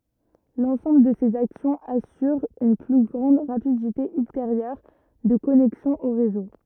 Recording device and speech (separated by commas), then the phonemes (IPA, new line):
rigid in-ear microphone, read sentence
lɑ̃sɑ̃bl də sez aksjɔ̃z asyʁ yn ply ɡʁɑ̃d ʁapidite ylteʁjœʁ də kɔnɛksjɔ̃ o ʁezo